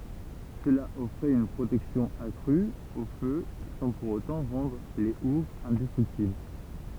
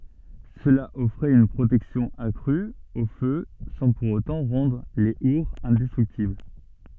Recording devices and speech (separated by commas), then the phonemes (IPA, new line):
temple vibration pickup, soft in-ear microphone, read sentence
səla ɔfʁɛt yn pʁotɛksjɔ̃ akʁy o fø sɑ̃ puʁ otɑ̃ ʁɑ̃dʁ le uʁz ɛ̃dɛstʁyktibl